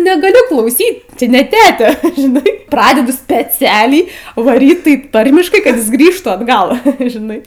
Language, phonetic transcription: Lithuanian, negaˈliu klauˈsyt ˈči ne ˈtete žiˈnai ˈpradedu speˈcialiai vaˈryt taip ˈtarmiškai kad ˈjis ˈgrįžtų atˈgal žiˈnai

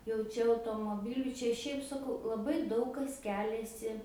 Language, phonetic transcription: Lithuanian, jau ˈčia automoˈbilių ˈčia ˈšiaip saˈkau laˈbai ˈdaug kas ˈkeliasi

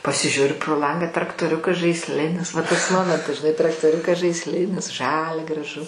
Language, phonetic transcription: Lithuanian, pasiˈžiuriu pro ˈlangą traktoˈriukas žaisˈlinis va tas ˈmomentas žiˈnai traktoˈriukas žaisˈlinis ˈžalia graˈžu

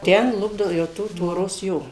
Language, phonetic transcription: Lithuanian, ˈten ˈlupdavo jau ˈtų tvoˈros ˈjo

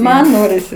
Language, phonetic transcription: Lithuanian, ˈman ˈnorisi

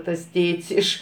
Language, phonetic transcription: Lithuanian, tas ˈtėt's' ˈiš

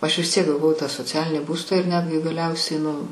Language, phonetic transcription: Lithuanian, ˈaš vis ˈtiek gaˈvau tą soˈcialinį ˈbūstą ir ˈnetgi gaˈliausiai nu

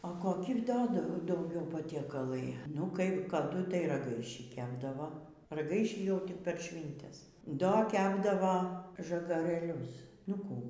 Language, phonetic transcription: Lithuanian, o koˈki ˈdo dau dauˈgiau patieˈkalai nu kaip kaˈdu tai raˈgaišį ˈkepdavo raˈgaišį jau tik per ˈšvyntes ˈdo ˈkepdavo žagarɘˈlius nu ˈkų

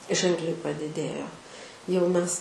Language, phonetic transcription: Lithuanian, ˈženkliai padiˈdėjo jau ˈmes

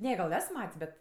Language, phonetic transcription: Lithuanian, ˈne gal ˈes ˈmat's' ˈbet

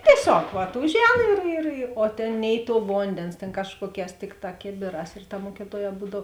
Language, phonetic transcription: Lithuanian, tieˈsiog vat ˈužˌēn ir ir i o ˈtėn ˈnei ˌtuo ˈvondėns tėn ˈkažkuoˌkēs ˈtikˌtā ˈkėbėˌrās ir ta ˈmuokituoˌjē ˈbūdav

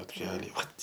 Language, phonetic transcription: Lithuanian, plotˈkeliai ˈvat

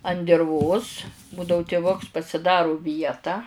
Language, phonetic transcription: Lithuanian, an dirˈvos ˈbūdau tiˈvuks pasiˈdaru ˈvietą

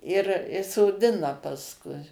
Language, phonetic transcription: Lithuanian, ir i soˈdina pasˈkui

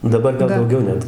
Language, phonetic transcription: Lithuanian, daˈbar ˈgal dauˈgiau ˈnet

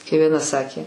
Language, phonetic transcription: Lithuanian, kai vieˈna ˈsakė

